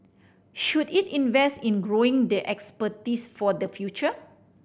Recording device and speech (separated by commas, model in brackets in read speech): boundary microphone (BM630), read sentence